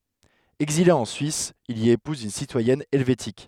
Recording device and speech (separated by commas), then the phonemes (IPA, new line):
headset microphone, read sentence
ɛɡzile ɑ̃ syis il i epuz yn sitwajɛn ɛlvetik